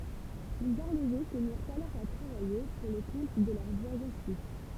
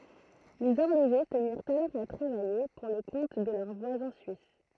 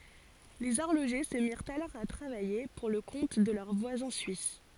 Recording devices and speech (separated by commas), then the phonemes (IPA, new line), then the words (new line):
temple vibration pickup, throat microphone, forehead accelerometer, read sentence
lez ɔʁloʒe sə miʁt alɔʁ a tʁavaje puʁ lə kɔ̃t də lœʁ vwazɛ̃ syis
Les horlogers se mirent alors à travailler pour le compte de leurs voisins suisses.